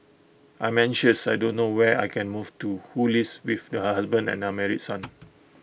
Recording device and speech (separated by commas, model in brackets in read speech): boundary microphone (BM630), read sentence